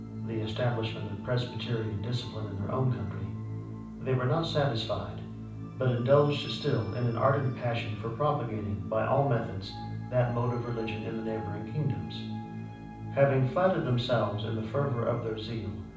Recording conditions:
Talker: one person; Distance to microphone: 5.8 m; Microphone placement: far; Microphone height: 1.8 m; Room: medium-sized (5.7 m by 4.0 m); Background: music

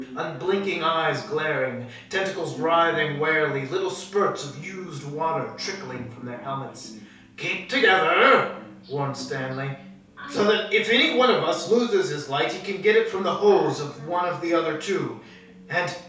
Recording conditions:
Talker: one person; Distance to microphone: 3.0 m; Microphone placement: far; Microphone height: 1.8 m; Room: small (3.7 m by 2.7 m); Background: television

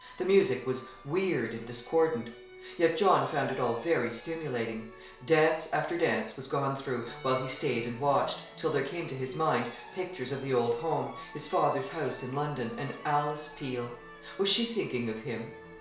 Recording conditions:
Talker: one person; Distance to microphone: 1.0 m; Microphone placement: close; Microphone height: 1.1 m; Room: small (3.7 m by 2.7 m); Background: music

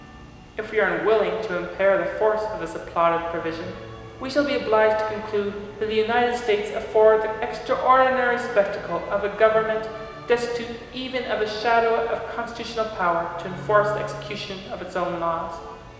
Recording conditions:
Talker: one person; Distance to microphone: 1.7 m; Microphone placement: close; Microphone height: 1.0 m; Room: very reverberant, large; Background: music

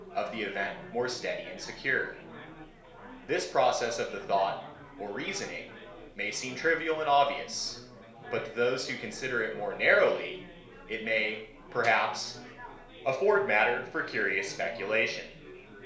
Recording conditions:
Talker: one person; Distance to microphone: 1.0 m; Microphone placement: close; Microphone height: 1.1 m; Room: small (3.7 m by 2.7 m); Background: babble

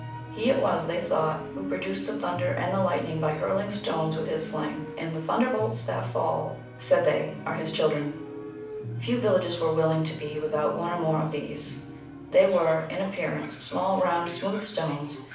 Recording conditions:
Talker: one person; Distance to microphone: 5.8 m; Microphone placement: far; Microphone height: 1.8 m; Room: medium-sized (5.7 m by 4.0 m); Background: television

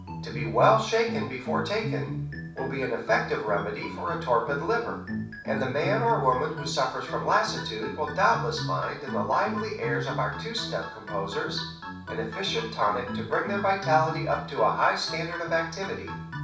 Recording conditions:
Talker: one person; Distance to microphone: 5.8 m; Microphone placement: far; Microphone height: 1.8 m; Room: medium-sized (5.7 m by 4.0 m); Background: music

